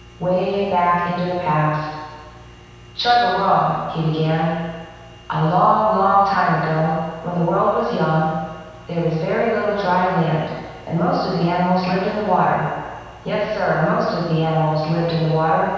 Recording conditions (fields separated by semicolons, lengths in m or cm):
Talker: one person; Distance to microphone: 7.1 m; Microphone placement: far; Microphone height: 1.7 m; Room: very reverberant, large; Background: none